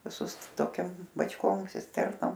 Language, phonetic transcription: Lithuanian, viˈsus toˈkiam bačˈkom sisˈternom

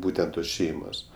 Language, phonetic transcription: Lithuanian, ˈbūtent tos ˈšeimos

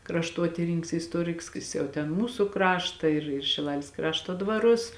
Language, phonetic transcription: Lithuanian, krašˈtuotyrininks i isˈtuoriks ˈjis jau ten ˈmūsu ˈkrašta ir ir šiˈlalės ˈkrašto dvaˈrus

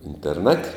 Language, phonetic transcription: Lithuanian, interˈnat'

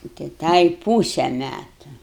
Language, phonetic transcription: Lithuanian, nu tai ˈtai ˈpūse ˈmætu

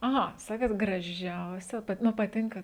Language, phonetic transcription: Lithuanian, aˈha ˈsakėt graˈžiausia ˈpat ˈnu paˈtinka

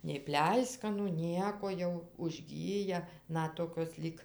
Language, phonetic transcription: Lithuanian, nei ˈpleiskanų ˈnieko jau užˈgyja ˈnat ˈtokios lyg

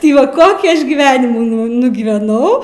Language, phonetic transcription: Lithuanian, ti ˈva ˈkokį ˈaš gyˈvenimų nu nugyveˈnau

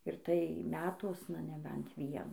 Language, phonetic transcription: Lithuanian, ir tai ˈmetuosna neˈbent ˈvienų

